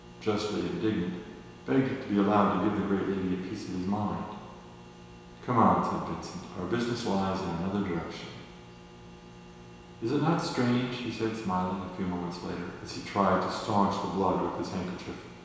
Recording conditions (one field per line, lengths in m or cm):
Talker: one person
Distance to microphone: 1.7 m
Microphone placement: close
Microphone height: 1.0 m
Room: very reverberant, large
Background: none